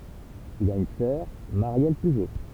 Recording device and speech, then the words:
temple vibration pickup, read sentence
Il a une sœur, Marielle Pujo.

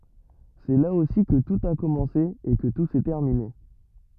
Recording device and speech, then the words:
rigid in-ear microphone, read sentence
C'est là aussi que tout a commencé et que tout s'est terminé.

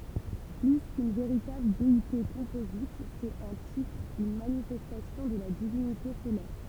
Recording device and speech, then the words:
temple vibration pickup, read sentence
Plus qu'une véritable déité composite, c'est un titre, une manifestation, de la divinité solaire.

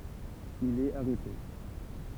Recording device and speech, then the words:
temple vibration pickup, read sentence
Il est arrêté.

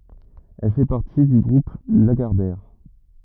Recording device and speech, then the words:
rigid in-ear microphone, read sentence
Elle fait partie du groupe Lagardère.

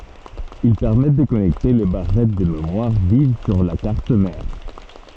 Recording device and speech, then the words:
soft in-ear microphone, read sentence
Ils permettent de connecter les barrettes de mémoire vive sur la carte mère.

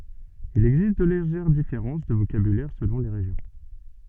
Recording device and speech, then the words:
soft in-ear microphone, read sentence
Il existe de légères différences de vocabulaire selon les régions.

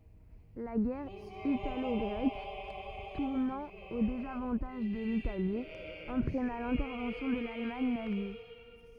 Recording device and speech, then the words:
rigid in-ear microphone, read sentence
La guerre italo-grecque, tournant au désavantage de l'Italie, entraîna l'intervention de l'Allemagne nazie.

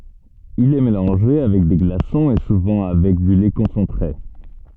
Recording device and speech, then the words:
soft in-ear microphone, read sentence
Il est mélangé avec des glaçons et souvent avec du lait concentré.

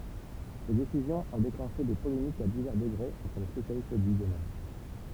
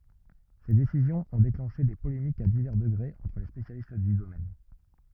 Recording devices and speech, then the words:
temple vibration pickup, rigid in-ear microphone, read sentence
Ces décisions ont déclenché des polémiques à divers degrés entre les spécialistes du domaine.

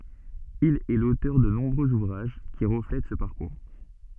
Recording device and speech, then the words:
soft in-ear microphone, read sentence
Il est l'auteur de nombreux ouvrages qui reflètent ce parcours.

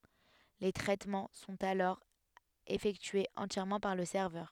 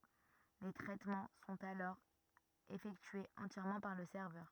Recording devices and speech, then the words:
headset microphone, rigid in-ear microphone, read sentence
Les traitements sont alors effectués entièrement par le serveur.

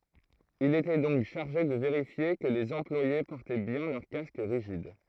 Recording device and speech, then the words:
throat microphone, read sentence
Il était donc chargé de vérifier que les employés portaient bien leur casque rigide.

